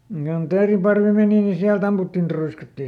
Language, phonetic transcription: Finnish, (kon) ˈteeriparvi ˈmèni ni ˈsiälˈt ‿amputtin ˈtruiskatti .
- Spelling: kun teeriparvi meni niin sieltä ammuttiin truiskattiin

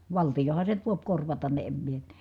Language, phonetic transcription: Finnish, valtijoha se nyt vòip korvatan ne em mie (ti-) ,.
- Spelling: valtiohan se nyt voi korvata ne en minä -

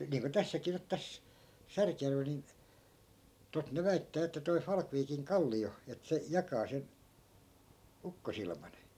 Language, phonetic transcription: Finnish, niiŋko 'tässäkii nyt 'täs , "särkjärvel nin , tot ne 'väittää että toi 'falkviikiŋ "kalli₍o , et se , 'jakaa sen , 'ukkosilman .
- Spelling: niin kuin tässäkin nyt tässä Särkijärvellä niin tuota ne väittää että toi Falkviikin kallio että se jakaa sen ukkosilman

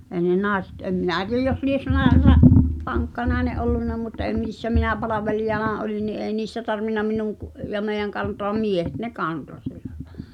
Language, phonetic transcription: Finnish, èi̬ ne "nài̬sᴇt 'em 'minä̀ tie(j) jos 'lies̳ (nàe- ra-) , "vaŋkka nàene’ '’ollunna mut èi 'mìssä "minä 'palavelijana 'oliⁿ ni ’èi 'niissä 'tarvinna "minuŋ kᵘ , ja 'mèi̬jäŋ kantoam "miehet ne "kanto sillᴀ̈ ʟᴀ[illa] .
- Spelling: ei ne naiset en minä tiedä jos lie - - vankka nainen ollut mutta ei missä minä palvelijana olin niin ei niissä tarvinnut minun kun ja meidän kantaa miehet ne kantoi sillä lailla

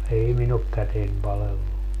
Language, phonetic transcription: Finnish, 'ei 'min ‿ok "käten 'palellu .
- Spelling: ei minun ole käteni palellut

